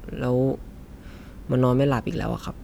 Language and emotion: Thai, frustrated